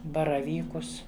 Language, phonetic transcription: Lithuanian, baraˈvykus

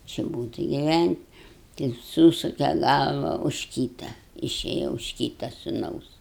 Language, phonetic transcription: Lithuanian, či ˈbūt' i giˈvænt' tai ˈsūsuke ˈgalva už ˈkyta iˈšėja už ˈkyta suˈnaus

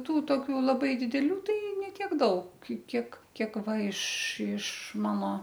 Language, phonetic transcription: Lithuanian, ˈtų ˈtokių laˈbai dideˈlių ˈtai ne ˈtiek ˈdaug ˈkiek ˈkiek ˈva iš iš ˈmano

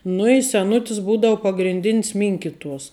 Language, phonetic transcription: Lithuanian, nu i seˈnutis ˈbūdau pagrinˈdin's ˈminkituos

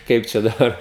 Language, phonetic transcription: Lithuanian, ˈkaip čia daˈbar

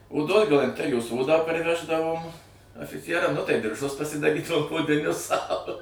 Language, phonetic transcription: Lithuanian, oˈdos galanˈterijos ˈodą parˈveždavom afiˈcieram nu tai dirˈžus pasidaˈrydavom odiˈnius sau

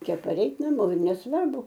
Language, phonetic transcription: Lithuanian, ˈčia paˈreit naˈmo ir nesˈvarbu

